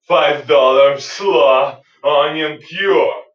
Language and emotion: English, angry